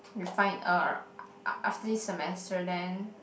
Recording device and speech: boundary microphone, conversation in the same room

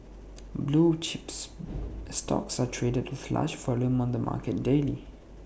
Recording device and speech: boundary microphone (BM630), read sentence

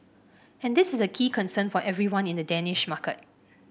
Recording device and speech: boundary microphone (BM630), read sentence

